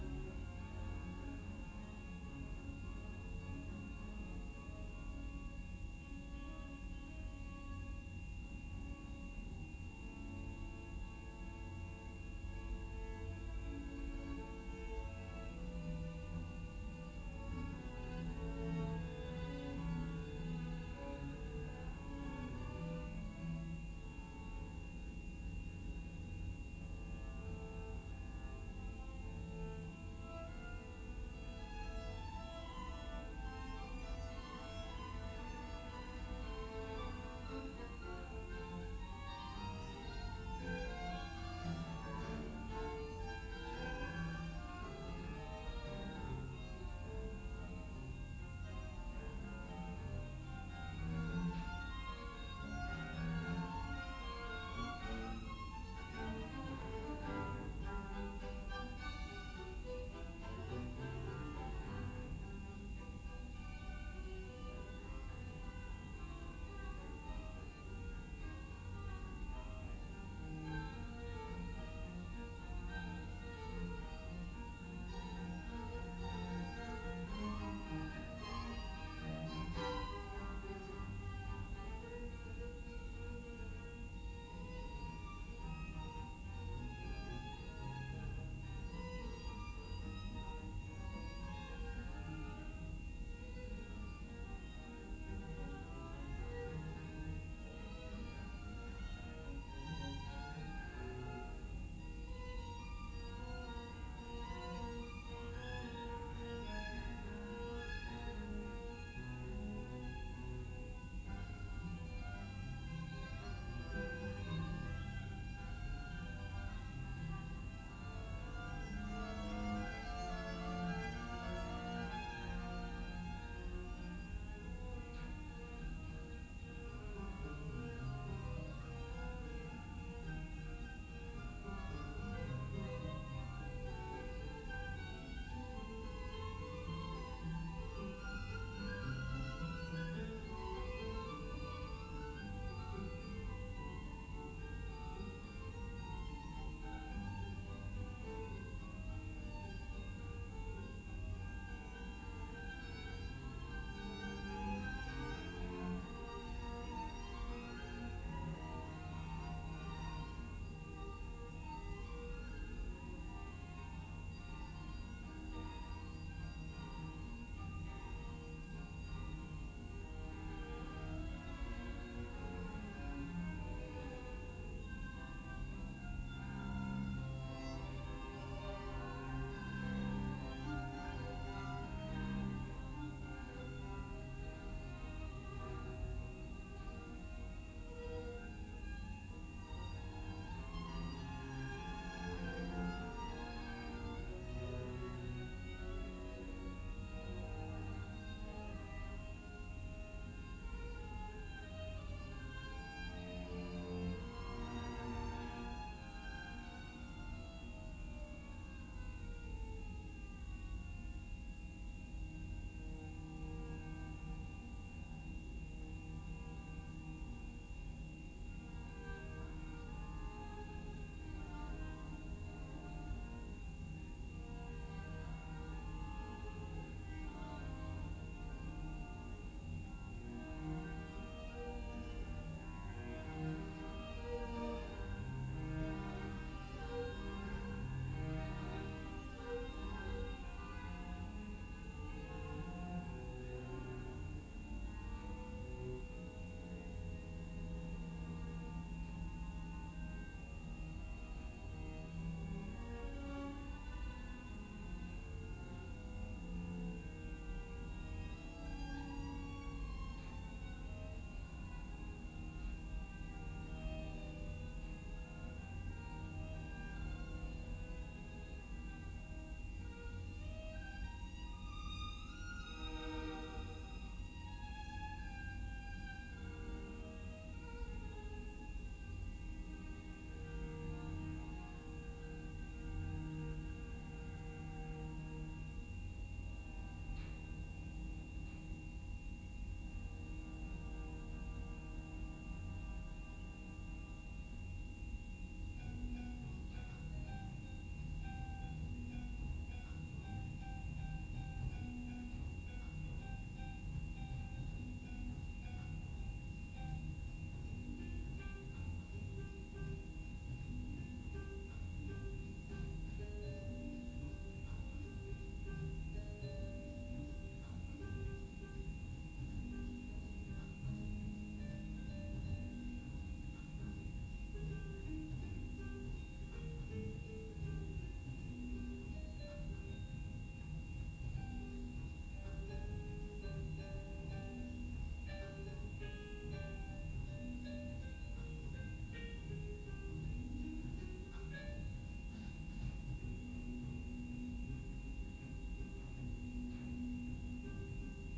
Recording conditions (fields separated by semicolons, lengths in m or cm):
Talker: no one; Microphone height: 1.0 m; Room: large; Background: music